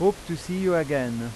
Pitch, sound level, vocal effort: 165 Hz, 91 dB SPL, loud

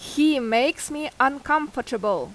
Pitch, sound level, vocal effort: 275 Hz, 88 dB SPL, very loud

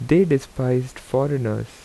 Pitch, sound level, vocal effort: 130 Hz, 81 dB SPL, normal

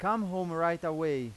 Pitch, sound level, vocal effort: 170 Hz, 96 dB SPL, very loud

